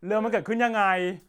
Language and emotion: Thai, neutral